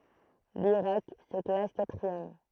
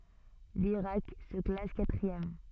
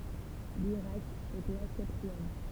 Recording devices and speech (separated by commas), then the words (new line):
throat microphone, soft in-ear microphone, temple vibration pickup, read sentence
L'Irak se classe quatrième.